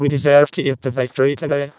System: VC, vocoder